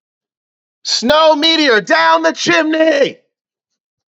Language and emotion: English, fearful